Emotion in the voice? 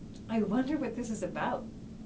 neutral